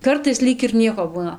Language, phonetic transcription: Lithuanian, ˈkartais ˈlyg ir ˈnieko ˈbūna

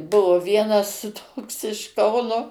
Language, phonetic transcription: Lithuanian, ˈbuvo ˈvienas ˈtoks iš ˈkauno

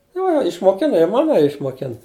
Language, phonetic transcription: Lithuanian, ˈjo išmoˈkina i ˈmanaja išmoˈkin

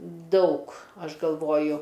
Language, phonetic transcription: Lithuanian, ˈdaug ˈaš galˈvoju

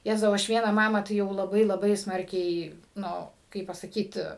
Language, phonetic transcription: Lithuanian, ˈjezau ˈaš ˈvieną ˈmamą tai ˈjau laˈbai laˈbai ˈsmarkiai ˈnu ˈkaip pasaˈkyt

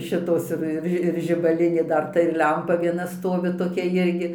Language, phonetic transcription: Lithuanian, ˈšitos ir ir ˈži ir žibaˈlinė ˈdar ˈta ir ˈlempa vieˈna ˈstovi toˈkia ˈjirgi

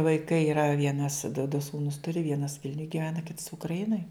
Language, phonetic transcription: Lithuanian, vaiˈkai iˈra ˈvienas du du ˈsūnus ˈturi ˈvienas ˈvilniuj giˈvena kits ukraˈinoj

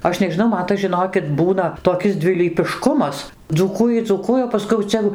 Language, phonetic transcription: Lithuanian, ˈaš nežiˈnau ˈman tas žiˈnokit ˈbūna toˈkis dvilypiˈškumas dzūˈkūji dzūˈkuoja o paˈskui jau ˈcia jo

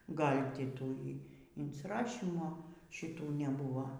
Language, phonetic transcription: Lithuanian, ˈgal' ˈti ˈtų y insiˈrašymo šiˈtų neˈbūvo

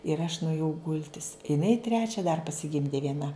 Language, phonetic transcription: Lithuanian, ir aš nuėˈjau ˈgultis iˈnai ˈtrečia dar pasiˈgimdė vieˈna

